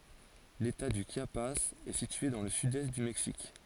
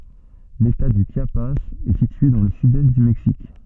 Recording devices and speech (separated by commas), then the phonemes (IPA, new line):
forehead accelerometer, soft in-ear microphone, read sentence
leta dy ʃjapaz ɛ sitye dɑ̃ lə sydɛst dy mɛksik